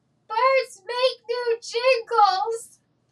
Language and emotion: English, fearful